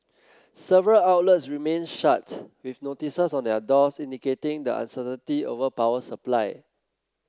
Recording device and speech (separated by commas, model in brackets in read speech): close-talking microphone (WH30), read sentence